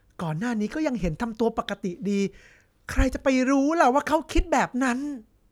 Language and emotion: Thai, frustrated